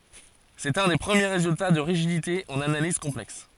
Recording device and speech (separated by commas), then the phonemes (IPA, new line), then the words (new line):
forehead accelerometer, read sentence
sɛt œ̃ de pʁəmje ʁezylta də ʁiʒidite ɑ̃n analiz kɔ̃plɛks
C'est un des premiers résultats de rigidité en analyse complexe.